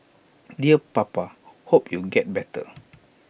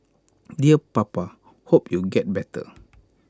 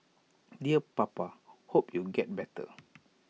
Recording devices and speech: boundary microphone (BM630), close-talking microphone (WH20), mobile phone (iPhone 6), read sentence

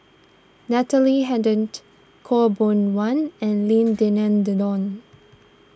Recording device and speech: standing microphone (AKG C214), read sentence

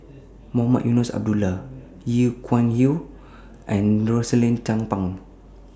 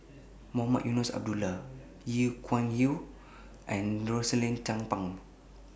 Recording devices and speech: standing microphone (AKG C214), boundary microphone (BM630), read sentence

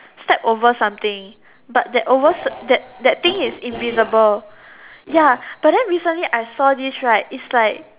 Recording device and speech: telephone, conversation in separate rooms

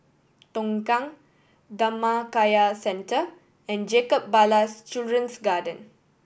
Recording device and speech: boundary microphone (BM630), read sentence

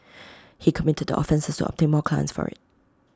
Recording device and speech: close-talking microphone (WH20), read sentence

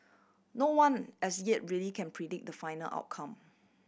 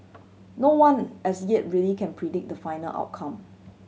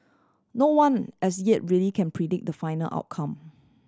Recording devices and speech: boundary microphone (BM630), mobile phone (Samsung C7100), standing microphone (AKG C214), read sentence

